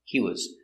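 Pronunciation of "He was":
In 'He was', the two words are linked and 'was' is unstressed, so the phrase is short.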